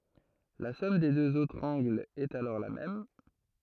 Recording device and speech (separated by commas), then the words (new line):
throat microphone, read sentence
La somme des deux autres angles est alors la même.